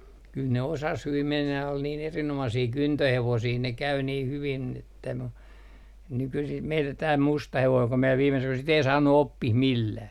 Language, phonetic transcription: Finnish, kyl ne , kyl ne "osas 'hyvim 'mennäj ja ol niin 'erin₍omasii "kyntöhevosii ne 'käy nii 'hyvin että mu , nykysim 'meillä tää "musta 'hevoiŋ ku mie viime syk- , sit ‿ei 'saannu "oppih 'millää .
- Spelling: kyllä ne kyllä ne osasi hyvin mennä ja oli niin erinomaisia kyntöhevosia ne kävi niin hyvin että mutta nykyisin meillä tämä musta hevonen kun minä viime - sitä ei saanut oppimaan millään

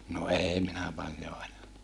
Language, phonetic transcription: Finnish, no èi minä paljo aja(na) .
- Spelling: no ei minä paljon ajanut

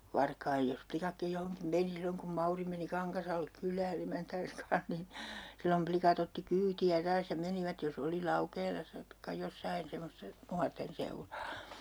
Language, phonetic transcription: Finnish, "varkaij jos , 'plikakkij 'johoŋkim 'meni 'silloŋ kum 'Mauri meni 'Kaŋkasallek 'kyl̀ää'n ‿emäntääns kaa̰h nin , sillom 'plikat ‿otti "kyyti₍ä 'taas ja 'menivät jos ‿oli "Laukeelassa , (taik)ka 'jossain semosta , 'nuarten 'seuraa .
- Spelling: varkain jos likatkin johonkin meni silloin kun Mauri meni Kangasalle kylään emäntänsä kanssa niin silloin likat otti kyytiä taas ja menivät jos oli Laukeelassa tai jossakin semmoista nuorten seuraa

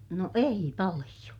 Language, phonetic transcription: Finnish, no ei paliʲo .
- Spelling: no ei paljon

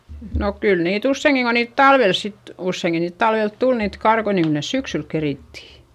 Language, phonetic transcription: Finnish, no kyl niit ‿usseiŋki ko niit talvel sit , usseiŋki niit talvelt tul niit karkoi niŋ kyl nes syksyl kerìtti .
- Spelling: no kyllä niitä useinkin kun niitä talvella sitten useinkin niitä talvella tuli niitä karkkoja niin kyllä ne syksyllä kerittiin

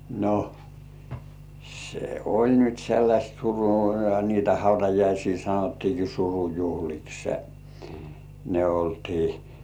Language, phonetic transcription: Finnish, no , 'se "oĺ nyt sellaśt 'suru- , niitä hautajaisii 'sanottiiki "surujuhlikse , ne 'oltii .
- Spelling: no se oli nyt sellaista - niitä hautajaisia sanottiinkin surujuhliksi ne oltiin

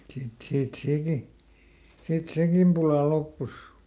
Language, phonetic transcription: Finnish, ˈsit siit ˈsèki , ˈsit "sekim pula ˈloppus .
- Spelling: sitten siitä sekin sitten sekin pula loppui

